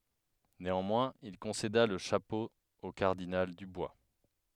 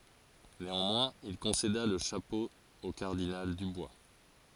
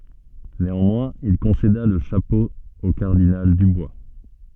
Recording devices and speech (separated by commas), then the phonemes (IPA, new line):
headset microphone, forehead accelerometer, soft in-ear microphone, read sentence
neɑ̃mwɛ̃z il kɔ̃seda lə ʃapo o kaʁdinal dybwa